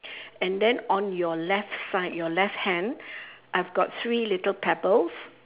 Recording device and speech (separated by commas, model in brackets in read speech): telephone, conversation in separate rooms